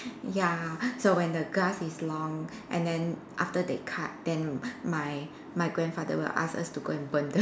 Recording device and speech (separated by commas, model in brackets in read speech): standing microphone, conversation in separate rooms